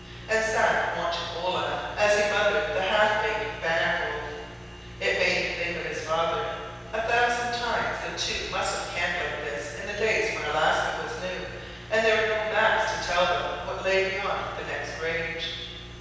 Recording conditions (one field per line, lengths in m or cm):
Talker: one person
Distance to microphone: 7.1 m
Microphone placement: far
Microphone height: 1.7 m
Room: very reverberant, large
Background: none